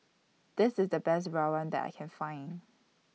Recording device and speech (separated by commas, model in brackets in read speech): mobile phone (iPhone 6), read sentence